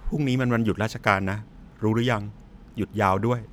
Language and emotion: Thai, frustrated